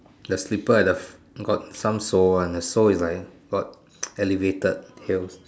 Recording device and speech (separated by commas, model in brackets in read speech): standing microphone, conversation in separate rooms